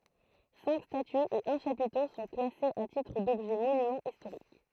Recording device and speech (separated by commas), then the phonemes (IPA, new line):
throat microphone, read sentence
sɛ̃k statyz e œ̃ ʃapito sɔ̃ klasez a titʁ dɔbʒɛ monymɑ̃z istoʁik